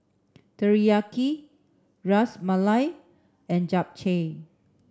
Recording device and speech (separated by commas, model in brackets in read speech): standing microphone (AKG C214), read sentence